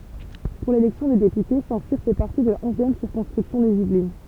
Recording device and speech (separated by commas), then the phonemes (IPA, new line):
temple vibration pickup, read sentence
puʁ lelɛksjɔ̃ de depyte sɛ̃tsiʁ fɛ paʁti də la ɔ̃zjɛm siʁkɔ̃skʁipsjɔ̃ dez ivlin